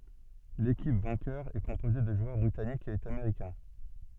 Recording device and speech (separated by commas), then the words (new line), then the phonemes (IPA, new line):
soft in-ear microphone, read sentence
L'équipe vainqueur est composée de joueurs britanniques et américains.
lekip vɛ̃kœʁ ɛ kɔ̃poze də ʒwœʁ bʁitanikz e ameʁikɛ̃